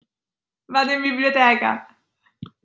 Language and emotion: Italian, sad